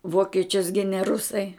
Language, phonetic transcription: Lithuanian, ˈvokečius ˈgine ˈrusai

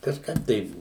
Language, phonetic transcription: Lithuanian, kažˈkap tai

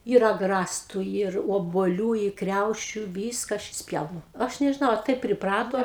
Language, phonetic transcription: Lithuanian, yr agˈrastu yr obuoˈlių i ˈkriaušiu ˈvyska ˈaš išsˈpjaunu ˈaš nežiˈnau a ˈtaip priˈprato

